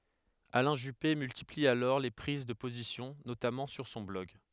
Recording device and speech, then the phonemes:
headset microphone, read sentence
alɛ̃ ʒype myltipli alɔʁ le pʁiz də pozisjɔ̃ notamɑ̃ syʁ sɔ̃ blɔɡ

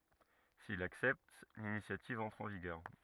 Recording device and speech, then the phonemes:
rigid in-ear microphone, read sentence
sil laksɛpt linisjativ ɑ̃tʁ ɑ̃ viɡœʁ

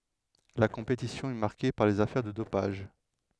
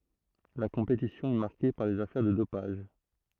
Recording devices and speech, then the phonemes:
headset microphone, throat microphone, read sentence
la kɔ̃petisjɔ̃ ɛ maʁke paʁ lez afɛʁ də dopaʒ

